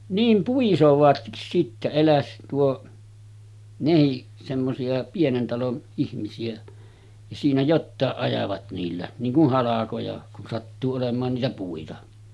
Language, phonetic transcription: Finnish, 'niim 'puisovatkis sittä eläs tuo , 'nehiˀ , semmosi₍a 'pienen talon , ihmisi₍ä , ja siinä 'jottàeˀ 'ˀajavat niillä , niiŋ kuh 'halakoja , kun sattuu olem̀aan niitä 'puita .
- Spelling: niin puisevatkin sitten äläs tuo nekin semmoisia pienen talon ihmisiä ja siinä jotakin ajavat niillä niin kuin halkoja kun sattuu olemaan niitä puita

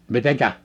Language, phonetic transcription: Finnish, 'miteŋkä ?
- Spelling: miten

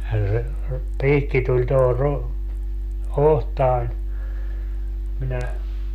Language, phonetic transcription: Finnish, ja se , 'piikki tuĺ toho ru- , "ohtaań , 'minä ,.
- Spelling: ja se piikki tuli tuohon - otsaan minä

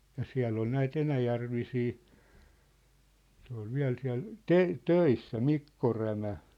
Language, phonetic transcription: Finnish, ja 'siä̭ll ‿ol 'näit 'enäjärvisii , se ‿ol 'viä̭l siä̭l , "te- , "töissä "Mikko 'Rämä .
- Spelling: ja siellä oli näitä enäjärvisiä se oli vielä siellä - töissä Mikko Rämä

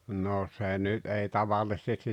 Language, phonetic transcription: Finnish, no 'se nyt ei "tavalis̳s̳estis !
- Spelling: no se nyt ei tavallisesti

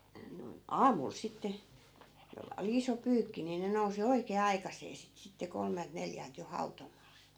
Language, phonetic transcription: Finnish, noi̮n , "aamul 'sitte , jolla oli 'iso 'pyykki ni 'ne nousi 'oikee "aikas̀ee sit sitte 'kolmelt 'neljält jo 'hautom̆maa .
- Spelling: noin aamulla sitten jolla oli iso pyykki niin ne nousi oikein aikaiseen sitten sitten kolmelta neljältä jo hautomaan

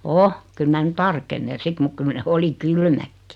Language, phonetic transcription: Finnish, o , 'kyl mä nu 'tarkennen̬ 'sit muk 'kyl ne 'oli "kylmäkkɪ .
- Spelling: on kyllä minä nyt tarkenen sitten mutta kyllä ne oli kylmätkin

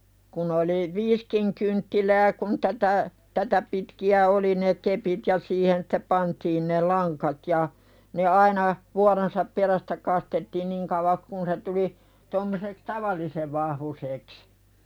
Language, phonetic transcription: Finnish, kun ‿oli , "viiskiŋ kynttilää kun 'tätä , 'tätä pitki₍ä "oli ne 'kepit ja 'siihen sᴵte pantiin ne "laŋkat ja , ne 'aina , vuaronsap "perästä 'kastettiiⁿ 'niŋ kauva(ks) kun se tuli , 'tommoseks "taval̀isev vahvusèks .
- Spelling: kun oli viisikin kynttilää kun tätä tätä pitkiä oli ne kepit ja siihen sitten pantiin ne langat ja ne aina vuoronsa perästä kastettiin niin kauaksi kuin se tuli tuommoiseksi tavallisen vahvuiseksi

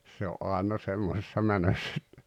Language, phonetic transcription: Finnish, se o’ '’àena 'semmosessa "mänöss ‿et .
- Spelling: se on aina semmoisessa menossa että

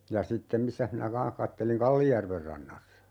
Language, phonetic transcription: Finnish, ja 'sittem 'missäh minä "kaa̰h katteliŋ "Kallijärver 'rannassa .
- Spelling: ja sitten missäs minä kanssa katselin Kallijärven rannassa

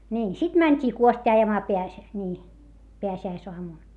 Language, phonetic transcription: Finnish, ńiin , sit mäńt́ii kuost́ii ajamaa peäs- , ńii , peäsi₍äisoamun .
- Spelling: niin sitten mentiin kuostia ajamaan - niin pääsiäisaamuna

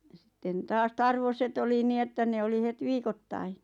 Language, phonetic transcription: Finnish, ja sⁱtten "taas "tarvoset ‿oli 'nii että 'ne oli 'het "viikottai .
- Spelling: ja sitten taas tarvoset oli niin että ne oli heti viikoittain

